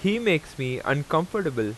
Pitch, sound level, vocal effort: 155 Hz, 89 dB SPL, loud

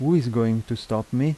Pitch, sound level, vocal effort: 120 Hz, 83 dB SPL, normal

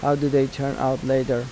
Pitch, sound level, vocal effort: 135 Hz, 83 dB SPL, normal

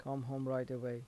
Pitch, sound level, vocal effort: 130 Hz, 81 dB SPL, soft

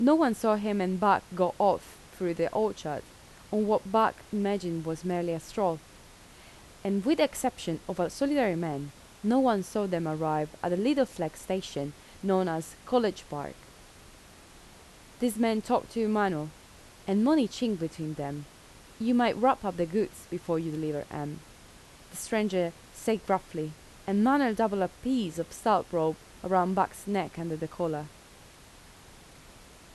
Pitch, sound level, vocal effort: 185 Hz, 82 dB SPL, normal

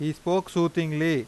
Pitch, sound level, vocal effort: 165 Hz, 91 dB SPL, loud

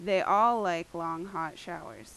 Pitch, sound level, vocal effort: 175 Hz, 89 dB SPL, very loud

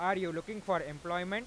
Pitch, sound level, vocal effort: 185 Hz, 98 dB SPL, loud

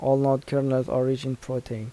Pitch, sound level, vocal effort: 130 Hz, 81 dB SPL, soft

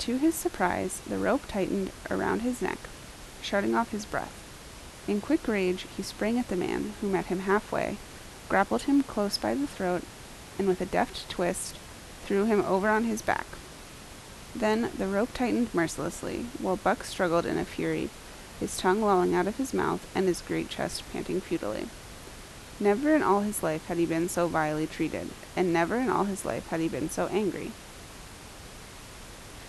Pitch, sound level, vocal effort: 200 Hz, 78 dB SPL, normal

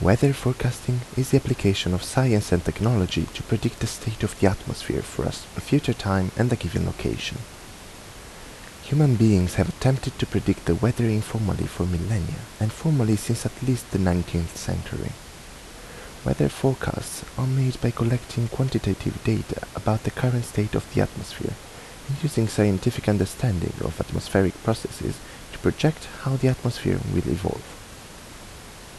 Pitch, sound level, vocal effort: 115 Hz, 75 dB SPL, soft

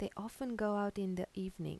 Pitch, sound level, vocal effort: 200 Hz, 82 dB SPL, soft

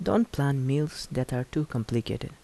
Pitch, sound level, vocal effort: 140 Hz, 77 dB SPL, soft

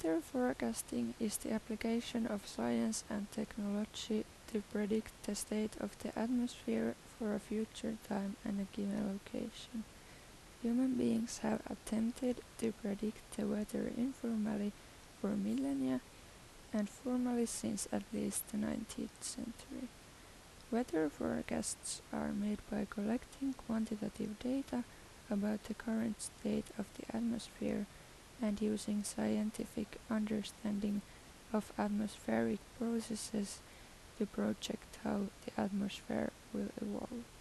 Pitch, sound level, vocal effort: 220 Hz, 78 dB SPL, soft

